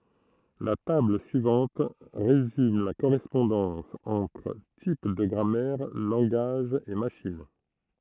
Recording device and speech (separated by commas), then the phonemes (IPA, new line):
throat microphone, read sentence
la tabl syivɑ̃t ʁezym la koʁɛspɔ̃dɑ̃s ɑ̃tʁ tip də ɡʁamɛʁ lɑ̃ɡaʒz e maʃin